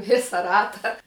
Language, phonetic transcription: Lithuanian, ˈvisa ˈrata

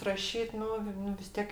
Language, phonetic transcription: Lithuanian, raˈšyt ˈnu ˈnu vis ˈtiek

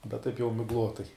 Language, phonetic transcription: Lithuanian, bet ˈtaip jau migˈlotai

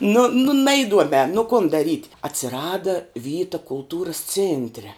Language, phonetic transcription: Lithuanian, nu nu ˈnaiduomē nu kun daˈryt' atsiˈrada ˈvyta kulˈtūras ˈcėntre

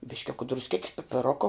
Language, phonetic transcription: Lithuanian, bišˈkiuka drusˈkėkis pipiˈroko

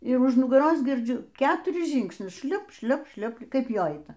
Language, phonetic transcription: Lithuanian, ir už nugaˈros girˈdžiu ˈketuris ˈžyngsnius ˈšliop ˈšliop ˈšliop ˈkaip ˈjo ˈaita

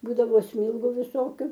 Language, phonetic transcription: Lithuanian, ˈbūdavo ˈsmylgu viˈsokiu

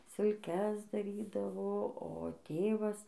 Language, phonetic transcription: Lithuanian, silˈkes daˈrydavo o ˈtėvas

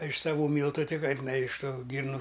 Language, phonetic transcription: Lithuanian, iš saˈvų ˈmyltu ˈti ˈkaip na iš ˈtų ˈgyrnu

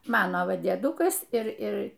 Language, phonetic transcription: Lithuanian, ˈmano ˈva dieˈdukas ˈir ˈir

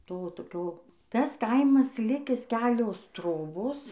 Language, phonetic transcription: Lithuanian, ˈto toˈkio ˈtas ˈkaimas ˈlikis ˈkelios ˈtrobos

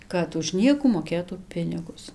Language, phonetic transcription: Lithuanian, ˈkad už ˈniekų moˈkėtų ˈpinigus

